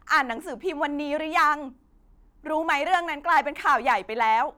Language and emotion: Thai, frustrated